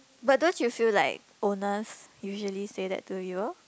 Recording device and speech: close-talking microphone, conversation in the same room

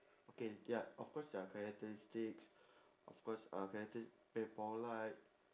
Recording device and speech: standing microphone, conversation in separate rooms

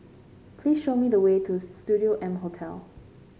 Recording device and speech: mobile phone (Samsung C5), read sentence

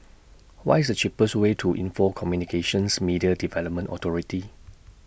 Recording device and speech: boundary microphone (BM630), read sentence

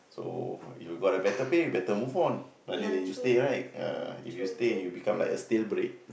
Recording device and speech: boundary microphone, conversation in the same room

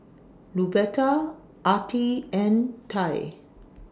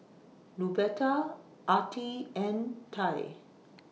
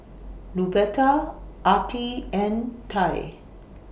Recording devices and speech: standing microphone (AKG C214), mobile phone (iPhone 6), boundary microphone (BM630), read sentence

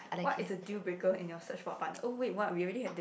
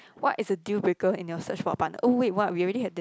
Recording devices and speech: boundary microphone, close-talking microphone, conversation in the same room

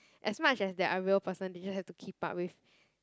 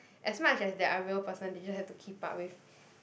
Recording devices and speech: close-talking microphone, boundary microphone, conversation in the same room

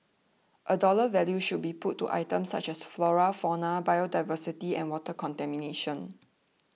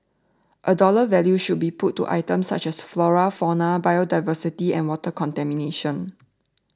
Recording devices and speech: mobile phone (iPhone 6), standing microphone (AKG C214), read sentence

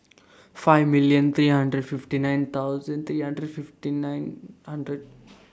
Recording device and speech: standing microphone (AKG C214), read sentence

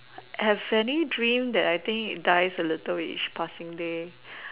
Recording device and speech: telephone, conversation in separate rooms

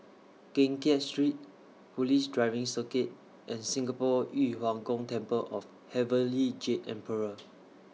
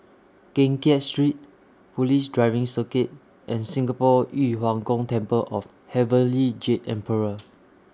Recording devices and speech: mobile phone (iPhone 6), standing microphone (AKG C214), read sentence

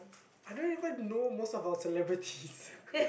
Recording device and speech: boundary microphone, conversation in the same room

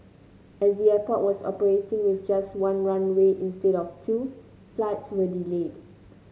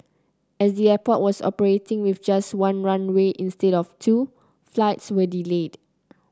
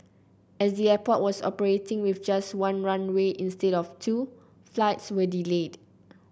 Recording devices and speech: mobile phone (Samsung C9), close-talking microphone (WH30), boundary microphone (BM630), read sentence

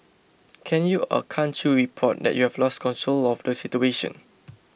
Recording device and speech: boundary microphone (BM630), read sentence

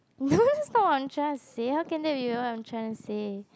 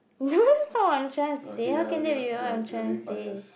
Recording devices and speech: close-talking microphone, boundary microphone, conversation in the same room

